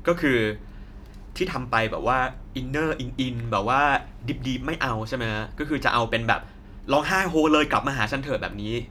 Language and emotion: Thai, frustrated